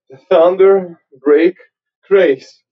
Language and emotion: English, sad